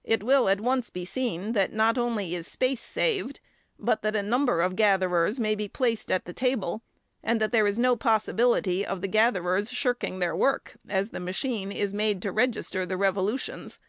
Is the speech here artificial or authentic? authentic